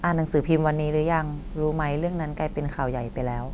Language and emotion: Thai, neutral